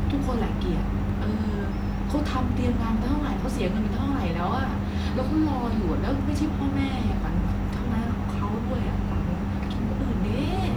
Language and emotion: Thai, frustrated